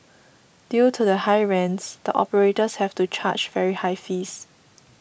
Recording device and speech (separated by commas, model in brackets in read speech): boundary microphone (BM630), read sentence